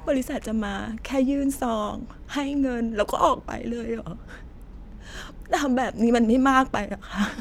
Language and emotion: Thai, sad